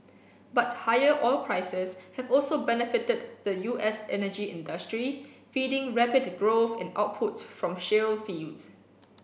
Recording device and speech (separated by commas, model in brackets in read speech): boundary microphone (BM630), read sentence